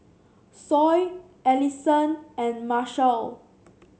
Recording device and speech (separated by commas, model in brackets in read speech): mobile phone (Samsung C7), read sentence